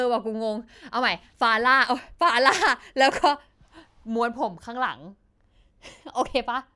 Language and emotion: Thai, happy